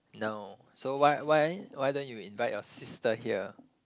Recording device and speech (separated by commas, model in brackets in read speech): close-talking microphone, conversation in the same room